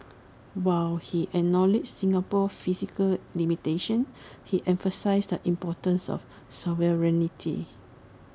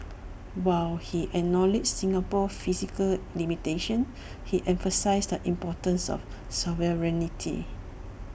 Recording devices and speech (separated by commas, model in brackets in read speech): standing microphone (AKG C214), boundary microphone (BM630), read sentence